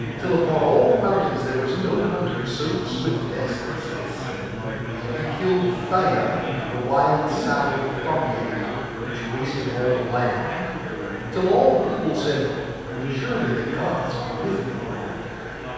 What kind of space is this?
A very reverberant large room.